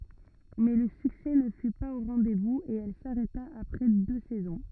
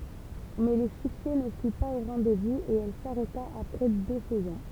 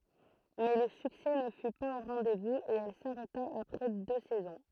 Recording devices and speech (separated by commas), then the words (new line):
rigid in-ear microphone, temple vibration pickup, throat microphone, read sentence
Mais le succès ne fut pas au rendez-vous et elle s'arrêta après deux saisons.